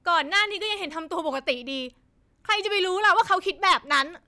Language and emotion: Thai, angry